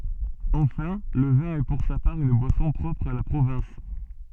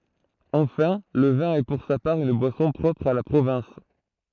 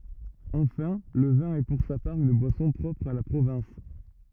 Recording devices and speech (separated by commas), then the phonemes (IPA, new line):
soft in-ear microphone, throat microphone, rigid in-ear microphone, read sentence
ɑ̃fɛ̃ lə vɛ̃ ɛ puʁ sa paʁ yn bwasɔ̃ pʁɔpʁ a la pʁovɛ̃s